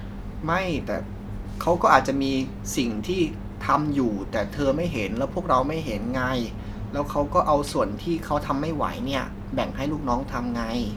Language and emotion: Thai, frustrated